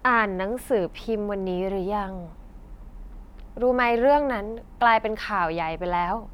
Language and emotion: Thai, frustrated